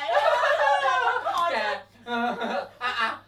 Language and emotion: Thai, happy